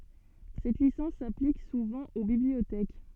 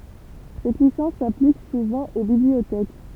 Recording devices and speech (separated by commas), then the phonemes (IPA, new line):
soft in-ear microphone, temple vibration pickup, read sentence
sɛt lisɑ̃s saplik suvɑ̃ o bibliotɛk